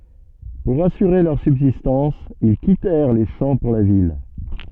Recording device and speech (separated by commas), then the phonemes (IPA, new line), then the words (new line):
soft in-ear microphone, read sentence
puʁ asyʁe lœʁ sybzistɑ̃s il kitɛʁ le ʃɑ̃ puʁ la vil
Pour assurer leur subsistance, ils quittèrent les champs pour la ville.